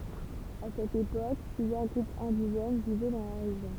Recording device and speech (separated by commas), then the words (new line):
temple vibration pickup, read sentence
À cette époque, plusieurs groupes indigènes vivaient dans la région.